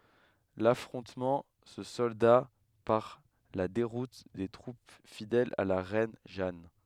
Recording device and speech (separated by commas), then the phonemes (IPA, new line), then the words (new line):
headset microphone, read sentence
lafʁɔ̃tmɑ̃ sə sɔlda paʁ la deʁut de tʁup fidɛlz a la ʁɛn ʒan
L’affrontement se solda par la déroute des troupes fidèles à la reine Jeanne.